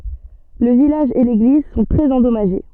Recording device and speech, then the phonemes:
soft in-ear microphone, read sentence
lə vilaʒ e leɡliz sɔ̃ tʁɛz ɑ̃dɔmaʒe

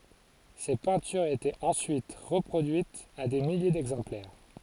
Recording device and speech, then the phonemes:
forehead accelerometer, read sentence
se pɛ̃tyʁz etɛt ɑ̃syit ʁəpʁodyitz a de milje dɛɡzɑ̃plɛʁ

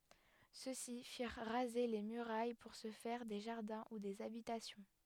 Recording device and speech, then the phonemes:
headset microphone, read sentence
sø si fiʁ ʁaze le myʁaj puʁ sə fɛʁ de ʒaʁdɛ̃ u dez abitasjɔ̃

